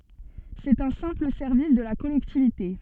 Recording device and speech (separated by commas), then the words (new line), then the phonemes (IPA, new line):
soft in-ear microphone, read sentence
C'est un simple service de la collectivité.
sɛt œ̃ sɛ̃pl sɛʁvis də la kɔlɛktivite